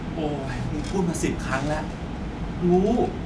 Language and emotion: Thai, frustrated